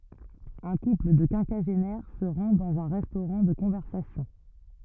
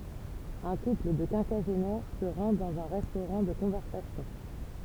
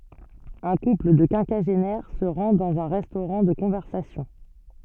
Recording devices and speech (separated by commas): rigid in-ear microphone, temple vibration pickup, soft in-ear microphone, read sentence